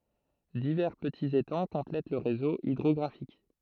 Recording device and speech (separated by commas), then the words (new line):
throat microphone, read sentence
Divers petits étangs complètent le réseau hydrographique.